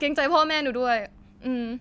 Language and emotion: Thai, frustrated